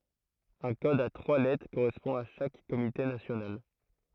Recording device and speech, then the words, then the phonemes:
throat microphone, read sentence
Un code à trois lettres correspond à chaque comité national.
œ̃ kɔd a tʁwa lɛtʁ koʁɛspɔ̃ a ʃak komite nasjonal

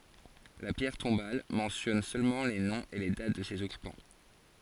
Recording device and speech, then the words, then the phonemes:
forehead accelerometer, read sentence
La pierre tombale mentionne seulement les noms et les dates de ses occupants.
la pjɛʁ tɔ̃bal mɑ̃sjɔn sølmɑ̃ le nɔ̃z e le dat də sez ɔkypɑ̃

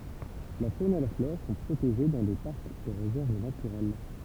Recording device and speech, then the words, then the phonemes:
temple vibration pickup, read sentence
La faune et la flore sont protégées dans des parcs et réserves naturels.
la fon e la flɔʁ sɔ̃ pʁoteʒe dɑ̃ de paʁkz e ʁezɛʁv natyʁɛl

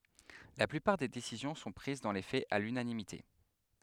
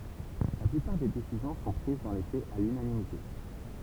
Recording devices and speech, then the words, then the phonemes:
headset microphone, temple vibration pickup, read sentence
La plupart des décisions sont prises dans les faits à l'unanimité.
la plypaʁ de desizjɔ̃ sɔ̃ pʁiz dɑ̃ le fɛz a lynanimite

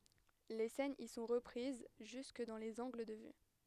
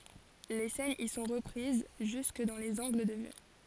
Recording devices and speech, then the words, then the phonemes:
headset microphone, forehead accelerometer, read sentence
Les scènes y sont reprises jusque dans les angles de vue.
le sɛnz i sɔ̃ ʁəpʁiz ʒysk dɑ̃ lez ɑ̃ɡl də vy

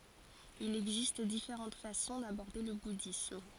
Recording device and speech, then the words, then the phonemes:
forehead accelerometer, read sentence
Il existe différentes façons d'aborder le bouddhisme.
il ɛɡzist difeʁɑ̃t fasɔ̃ dabɔʁde lə budism

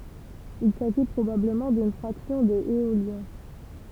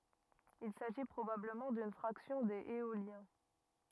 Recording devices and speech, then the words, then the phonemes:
temple vibration pickup, rigid in-ear microphone, read sentence
Il s'agit probablement d'une fraction des Éoliens.
il saʒi pʁobabləmɑ̃ dyn fʁaksjɔ̃ dez eoljɛ̃

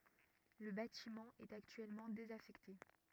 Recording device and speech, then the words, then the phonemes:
rigid in-ear microphone, read sentence
Le bâtiment est actuellement désaffecté.
lə batimɑ̃ ɛt aktyɛlmɑ̃ dezafɛkte

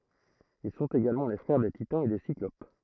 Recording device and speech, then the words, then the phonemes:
throat microphone, read sentence
Ils sont également les frères des Titans et des Cyclopes.
il sɔ̃t eɡalmɑ̃ le fʁɛʁ de titɑ̃z e de siklop

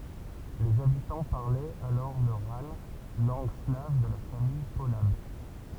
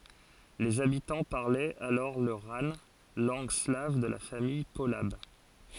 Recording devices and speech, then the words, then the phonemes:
temple vibration pickup, forehead accelerometer, read sentence
Les habitants parlaient alors le rane, langue slave de la famille polabe.
lez abitɑ̃ paʁlɛt alɔʁ lə ʁan lɑ̃ɡ slav də la famij polab

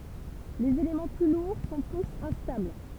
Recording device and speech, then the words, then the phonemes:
temple vibration pickup, read sentence
Les éléments plus lourds sont tous instables.
lez elemɑ̃ ply luʁ sɔ̃ tus ɛ̃stabl

